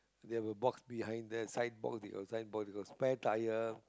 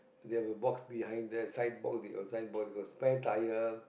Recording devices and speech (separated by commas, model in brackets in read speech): close-talking microphone, boundary microphone, conversation in the same room